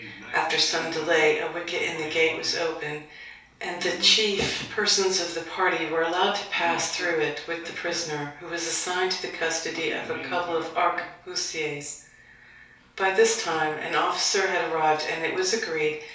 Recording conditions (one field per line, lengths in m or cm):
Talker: one person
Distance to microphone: 3.0 m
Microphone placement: far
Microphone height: 1.8 m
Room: small (3.7 m by 2.7 m)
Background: television